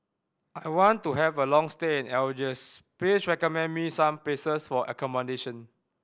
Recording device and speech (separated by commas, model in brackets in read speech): boundary microphone (BM630), read sentence